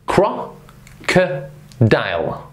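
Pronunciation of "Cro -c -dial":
'Crocodile' is said really slowly and broken up into its three separate syllables: 'cro', 'co', 'dile'.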